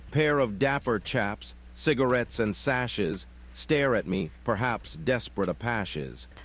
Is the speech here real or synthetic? synthetic